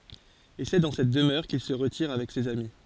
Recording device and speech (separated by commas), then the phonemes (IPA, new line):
forehead accelerometer, read sentence
e sɛ dɑ̃ sɛt dəmœʁ kil sə ʁətiʁ avɛk sez ami